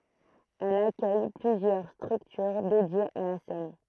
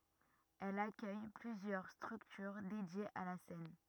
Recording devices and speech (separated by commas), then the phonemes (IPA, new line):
throat microphone, rigid in-ear microphone, read sentence
ɛl akœj plyzjœʁ stʁyktyʁ dedjez a la sɛn